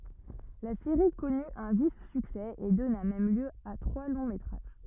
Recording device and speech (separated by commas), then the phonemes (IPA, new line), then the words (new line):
rigid in-ear microphone, read sentence
la seʁi kɔny œ̃ vif syksɛ e dɔna mɛm ljø a tʁwa lɔ̃ metʁaʒ
La série connu un vif succès et donna même lieu à trois longs métrages.